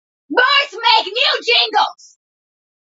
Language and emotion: English, angry